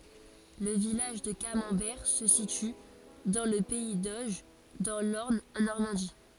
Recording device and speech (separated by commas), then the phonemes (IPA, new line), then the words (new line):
forehead accelerometer, read sentence
lə vilaʒ də kamɑ̃bɛʁ sə sity dɑ̃ lə pɛi doʒ dɑ̃ lɔʁn ɑ̃ nɔʁmɑ̃di
Le village de Camembert se situe dans le pays d'Auge, dans l’Orne en Normandie.